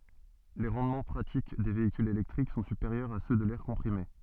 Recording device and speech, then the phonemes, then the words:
soft in-ear microphone, read sentence
le ʁɑ̃dmɑ̃ pʁatik de veikylz elɛktʁik sɔ̃ sypeʁjœʁz a sø də lɛʁ kɔ̃pʁime
Les rendements pratiques des véhicules électriques sont supérieurs à ceux de l'air comprimé.

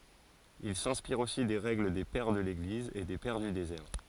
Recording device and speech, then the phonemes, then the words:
forehead accelerometer, read sentence
il sɛ̃spiʁt osi de ʁɛɡl de pɛʁ də leɡliz e de pɛʁ dy dezɛʁ
Ils s'inspirent aussi des règles des Pères de l'Église et des Pères du désert.

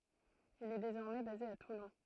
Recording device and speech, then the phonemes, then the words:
throat microphone, read sentence
il ɛ dezɔʁmɛ baze a tulɔ̃
Il est désormais basé à Toulon.

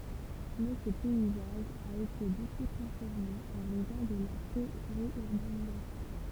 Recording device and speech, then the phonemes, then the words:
temple vibration pickup, read sentence
mɛ sə pɛizaʒ a ete boku tʁɑ̃sfɔʁme ɑ̃ ʁɛzɔ̃ də la peʁjyʁbanizasjɔ̃
Mais ce paysage a été beaucoup transformé en raison de la périurbanisation.

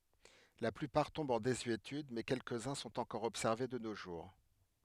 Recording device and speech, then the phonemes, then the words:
headset microphone, read sentence
la plypaʁ tɔ̃bt ɑ̃ dezyetyd mɛ kɛlkəzœ̃ sɔ̃t ɑ̃kɔʁ ɔbsɛʁve də no ʒuʁ
La plupart tombent en désuétude mais quelques-uns sont encore observés de nos jours.

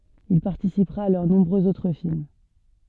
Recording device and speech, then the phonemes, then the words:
soft in-ear microphone, read sentence
il paʁtisipʁa a lœʁ nɔ̃bʁøz otʁ film
Il participera à leurs nombreux autres films.

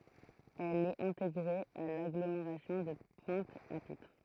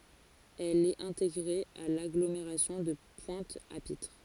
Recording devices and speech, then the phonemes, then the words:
throat microphone, forehead accelerometer, read sentence
ɛl ɛt ɛ̃teɡʁe a laɡlomeʁasjɔ̃ də pwɛ̃t a pitʁ
Elle est intégrée à l'agglomération de Pointe-à-Pitre.

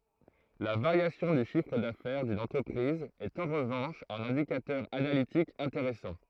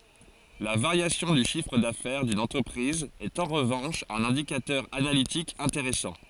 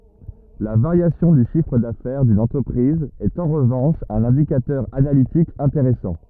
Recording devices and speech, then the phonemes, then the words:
throat microphone, forehead accelerometer, rigid in-ear microphone, read sentence
la vaʁjasjɔ̃ dy ʃifʁ dafɛʁ dyn ɑ̃tʁəpʁiz ɛt ɑ̃ ʁəvɑ̃ʃ œ̃n ɛ̃dikatœʁ analitik ɛ̃teʁɛsɑ̃
La variation du chiffre d'affaires d'une entreprise est en revanche un indicateur analytique intéressant.

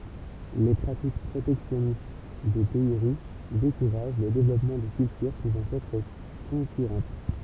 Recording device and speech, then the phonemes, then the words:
temple vibration pickup, read sentence
le pʁatik pʁotɛksjɔnist de pɛi ʁiʃ dekuʁaʒ lə devlɔpmɑ̃ də kyltyʁ puvɑ̃ ɛtʁ kɔ̃kyʁɑ̃t
Les pratiques protectionnistes des pays riches découragent le développement de cultures pouvant être concurrentes.

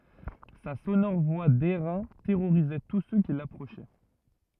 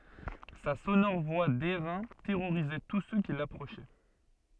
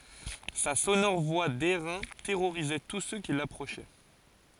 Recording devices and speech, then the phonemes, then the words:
rigid in-ear microphone, soft in-ear microphone, forehead accelerometer, read sentence
sa sonɔʁ vwa dɛʁɛ̃ tɛʁoʁizɛ tus sø ki lapʁoʃɛ
Sa sonore voix d'airain terrorisait tous ceux qui l'approchaient.

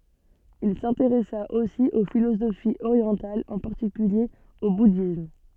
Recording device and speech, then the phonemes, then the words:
soft in-ear microphone, read sentence
il sɛ̃teʁɛsa osi o filozofiz oʁjɑ̃talz ɑ̃ paʁtikylje o budism
Il s'intéressa aussi aux philosophies orientales, en particulier au bouddhisme.

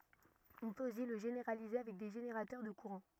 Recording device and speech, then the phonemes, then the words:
rigid in-ear microphone, read sentence
ɔ̃ pøt osi lə ʒeneʁalize avɛk de ʒeneʁatœʁ də kuʁɑ̃
On peut aussi le généraliser avec des générateurs de courants.

